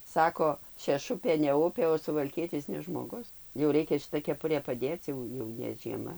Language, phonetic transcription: Lithuanian, ˈsako šeˈšupė ne ˈupė o suvalˈkietis ne ˈžmogus jau ˈreikia šiˈta keˈpurė paˈdėc ˈjau jau ne žieˈma

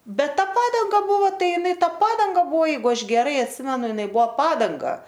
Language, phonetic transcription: Lithuanian, ˈbet ˈta ˈpadanga ˈbuvo ˈtai iˈnai ˈta ˈpadanga ˈbuvo ˈjeigu ˈaš geˈrai atˈsimenu iˈnai ˈbuo ˈpadanga

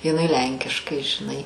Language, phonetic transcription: Lithuanian, jiˈnai ˈlenkiškai žiˈnai

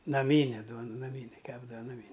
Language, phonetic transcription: Lithuanian, naˈmyne ˈduon naˈmyne ˈkepdava ˈnami

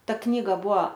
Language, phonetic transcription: Lithuanian, ˈta ˈknyga ˈbuo

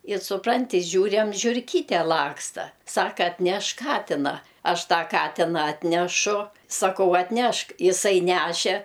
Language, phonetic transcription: Lithuanian, i suˈpranti ˈžiūræm žiurˈkyte ˈlaksta ˈsaka atˈnešk ˈkatina ˈaš ˈtą ˈkatina ˈatnešu saˈkau atˈnešk iˈsai ˈnæše

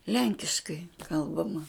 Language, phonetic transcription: Lithuanian, ˈlenkiškai ˈkalbama

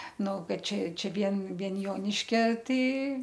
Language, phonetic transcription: Lithuanian, ˈnu ˈkad ˈčia ˈčia ˈvien ˈvien ˈjoniškia ˈtai

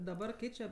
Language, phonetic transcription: Lithuanian, daˈbar ˈkeičia

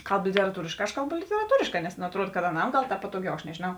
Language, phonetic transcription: Lithuanian, ˈkalb literaˈtūrišˌkā aš ˈkalˌbu literaˈtūrišˌkā nes nu atˈruod kad aˈnam ˈgal ˈpatoˌgiau aš nežėˈnau

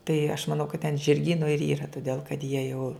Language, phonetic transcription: Lithuanian, tai aš maˈnau kad ten žirˈgynu ir yra tuˈdėl kad jie jau

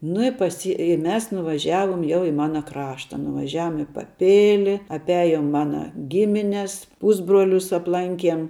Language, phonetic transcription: Lithuanian, nu i paˈsy i ˈmes nuvaˈžiavom jau i ˈmana ˈkrašta nuvaˈžiavom i paˈpili apˈiajom ˈmana ˈgimines ˈpusbruolius apˈlankiem

